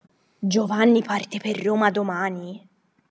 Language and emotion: Italian, surprised